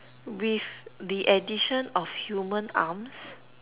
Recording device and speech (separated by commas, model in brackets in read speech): telephone, conversation in separate rooms